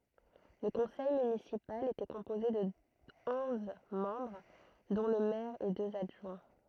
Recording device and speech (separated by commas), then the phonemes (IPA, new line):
throat microphone, read sentence
lə kɔ̃sɛj mynisipal etɛ kɔ̃poze də ɔ̃z mɑ̃bʁ dɔ̃ lə mɛʁ e døz adʒwɛ̃